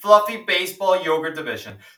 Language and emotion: English, sad